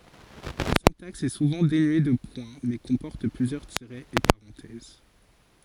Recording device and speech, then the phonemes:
forehead accelerometer, read sentence
la sɛ̃taks ɛ suvɑ̃ denye də pwɛ̃ mɛ kɔ̃pɔʁt plyzjœʁ tiʁɛz e paʁɑ̃tɛz

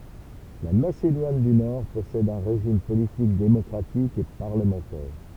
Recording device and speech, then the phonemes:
temple vibration pickup, read sentence
la masedwan dy nɔʁ pɔsɛd œ̃ ʁeʒim politik demɔkʁatik e paʁləmɑ̃tɛʁ

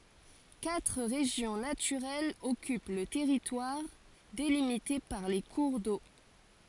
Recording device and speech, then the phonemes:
forehead accelerometer, read sentence
katʁ ʁeʒjɔ̃ natyʁɛlz ɔkyp lə tɛʁitwaʁ delimite paʁ le kuʁ do

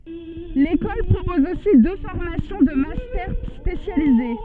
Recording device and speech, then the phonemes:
soft in-ear microphone, read sentence
lekɔl pʁopɔz osi dø fɔʁmasjɔ̃ də mastɛʁ spesjalize

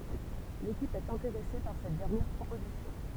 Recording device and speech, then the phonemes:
temple vibration pickup, read sentence
lekip ɛt ɛ̃teʁɛse paʁ sɛt dɛʁnjɛʁ pʁopozisjɔ̃

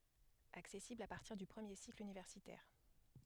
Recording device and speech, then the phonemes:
headset microphone, read sentence
aksɛsiblz a paʁtiʁ dy pʁəmje sikl ynivɛʁsitɛʁ

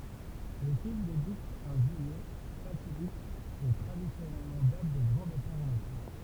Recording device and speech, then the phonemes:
temple vibration pickup, read sentence
lə film debyt œ̃ ʒyijɛ fatidik e tʁadisjɔnɛl dat də ɡʁɑ̃ depaʁ ɑ̃ vakɑ̃s

